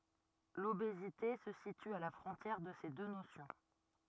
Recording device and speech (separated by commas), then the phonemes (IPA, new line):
rigid in-ear microphone, read sentence
lobezite sə sity a la fʁɔ̃tjɛʁ də se dø nosjɔ̃